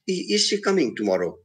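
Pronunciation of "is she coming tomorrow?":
'Is she coming tomorrow?' is asked in a tone that shows no involvement, as if the speaker is not bothered about it.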